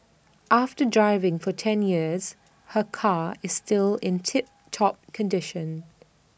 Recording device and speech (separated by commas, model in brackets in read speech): boundary microphone (BM630), read sentence